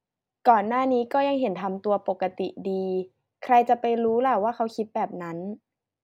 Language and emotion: Thai, neutral